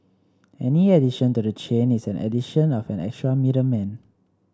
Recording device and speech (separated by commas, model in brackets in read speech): standing microphone (AKG C214), read sentence